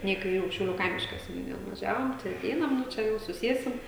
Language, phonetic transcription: Lithuanian, ˈne i kaiˈrių šiauˈlių ˈkaimiška seniuˈnija nuvaˈžiavom tai aˈteinam nu ˈčia jau suˈsiesim

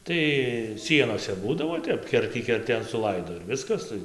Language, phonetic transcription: Lithuanian, ˈtai ˈsienose ˈbūdavo ˈtep ˈkertį kerˈtėn suˈlaido ir ˈviskas ˈtai

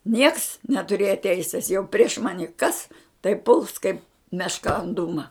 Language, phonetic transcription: Lithuanian, nieks netuˈrėja ˈteisis jau prieš ˈmani ˈkas tai puls kaip mešˈka an ˈdūma

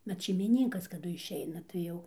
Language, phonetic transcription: Lithuanian, vat šeimiˈninkas kaˈdu išˈeina tai ˈjau

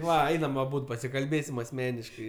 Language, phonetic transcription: Lithuanian, ˈva ˈeinam aˈbūd pasikalˈbėsim asˈmeniškai

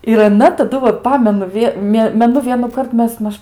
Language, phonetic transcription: Lithuanian, ir aˈna taˈdu vat ˈpamenu ˈvie ˈmė meˈnu vienųˈkart ˈmes ˈmaž

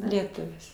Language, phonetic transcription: Lithuanian, lieˈtuvis

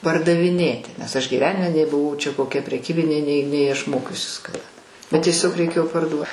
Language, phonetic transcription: Lithuanian, pardaviˈnėti nes ˈaš gyˈvenime nei buˈvau ˈčia koˈkia preˈkybinė nei nei aš ˈmokiusis kaˈda bet tieˈsiog reiˈkėjo parˈduo

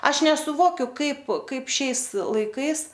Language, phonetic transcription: Lithuanian, ˈaš nesuˈvokiu ˈkaip ˈkaip ˈšiais laiˈkais

